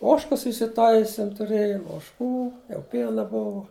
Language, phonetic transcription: Lithuanian, ˈožkas isiˈtaisim tuˈrėjum ožˈkų jau ˈpiena ˈbuvo

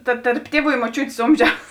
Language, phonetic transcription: Lithuanian, ta tarp ˈtieˌvų i moˈčiūtės ˈomžiaus

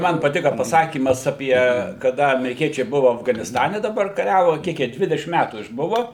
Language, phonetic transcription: Lithuanian, ˈman paˈtika paˈsakymas aˈpie kaˈda ameriˈkiečiai ˈbuvu afganisˈtane daˈbar kaˈriavu ˈkiek jie ˈdvidešim ˈmætų išˈbuva

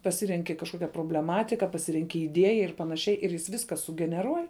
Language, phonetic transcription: Lithuanian, paˈsirenki kažˈkokia probleˈmatika paˈsirenki iˈdieja ir panaˈšiai ir jis ˈviska sugeneˈruoj

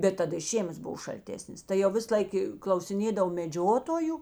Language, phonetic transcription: Lithuanian, ˈbet taˈda i ˈžėmas ˈbuv šalˈtesnės tai jau ˈvis ˈlaik i klausiˈnėdav meˈdžiotoju

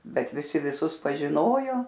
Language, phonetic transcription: Lithuanian, ˈbet viˈsi viˈsus pažiˈnojo

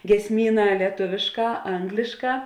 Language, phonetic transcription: Lithuanian, giesˈmyˌnā lieˈtuvėšˌkā ˈanglišˌkā

